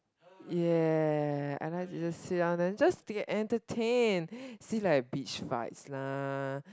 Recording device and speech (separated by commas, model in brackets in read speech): close-talking microphone, conversation in the same room